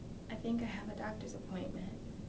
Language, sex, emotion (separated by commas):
English, female, neutral